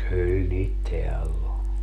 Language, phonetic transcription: Finnish, 'kyyl niit "teäll ‿o .
- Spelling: kyllä niitä täällä oli

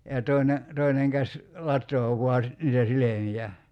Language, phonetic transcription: Finnish, ja 'tòi̬ne , 'toineŋ käś , "lat̀oo vua si- , niitä 'silemijä .
- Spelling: ja toinen toinen käsi latoo vain - niitä silmiä

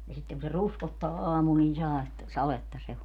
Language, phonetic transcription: Finnish, ja 'sitteŋ ku se "ruskottaa 'aamul nin̬ 'sa₍etta , 'saletta se o .
- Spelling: ja sitten kun se ruskottaa aamulla niin sadetta sadetta se on

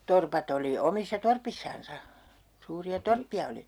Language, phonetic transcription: Finnish, 'torpat ‿oli 'omissa "torpissansa , 'suuri₍a "torppi₍a oli .
- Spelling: torpat oli omissa torpissansa suuria torppia oli

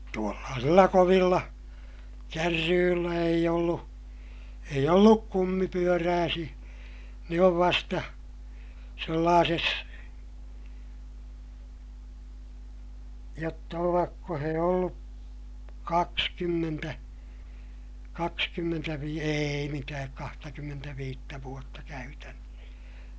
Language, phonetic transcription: Finnish, tuollaasilla kovilla , kärryyllä eij ‿ollu , eij ‿olluk kummipyörääsiʲä , ne ov vasta , sellaases , jotta ovakko he ollu , kakskymmentä , kakskymmentävii - eei mitääk kahtakymmentäviittä vuotta käytännöh .
- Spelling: tuollaisilla kovilla kärryillä ei ollut ei ollut kumipyöräisiä ne on vasta sellaisessa jotta ovatko he ollut kaksikymmentä - ei mitään kahtakymmentäviittä vuotta käytännössä

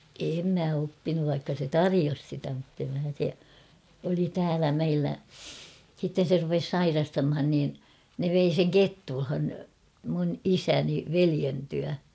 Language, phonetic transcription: Finnish, 'em mä 'oppinuv vaikka se "tarijos sitä muttem mä se , oli "täälä 'meillä ; 'sitten̬ se rupes "sairastamhan niin , ne 'vei seŋ "Kettulhan , mun "isäni 'velien tyä .
- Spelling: en minä oppinut vaikka se tarjosi sitä mutta en minä se oli täällä meillä sitten se rupesi sairastamaan niin ne vei sen Kettulaan minun isäni veljen tykö

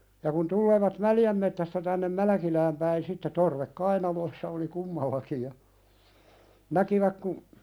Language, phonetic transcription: Finnish, ja kun 'tulleevat "Mäljäm mettästä tännem 'Mälᵃ̈kilääm päin sitte torvek "kainaloⁱssa oli 'kummallaki ja , 'näkiväk ku ,.
- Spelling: ja kun tulevat Mäljän metsästä tänne Mälkilään päin sitten torvet kainalossa oli kummallakin ja näkivät kun

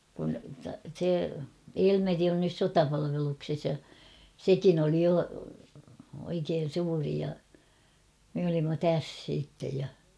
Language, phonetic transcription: Finnish, kun̬ se , "Elmeri on nys "sotapalavelukses ja , "sekin ‿oli 'jo , oikeen̬ 'suuri ja , me olimma "täs siittej ja .
- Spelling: kun se Elmeri on nyt sotapalveluksessa ja sekin oli jo oikein suuri ja me olimme tässä sitten ja

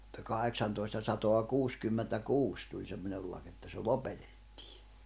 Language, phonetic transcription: Finnish, [mut]ta 'kaheksantoista satoa 'kuuskymmentä'kuus tuĺ 'semmońel lak että se 'lopetᴇttɪɪ .
- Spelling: mutta kahdeksantoista sataa kuusikymmentäkuusi tuli semmoinen laki että se lopetettiin

